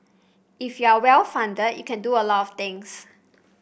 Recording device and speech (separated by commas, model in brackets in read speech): boundary microphone (BM630), read sentence